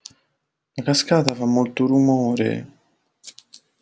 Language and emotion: Italian, sad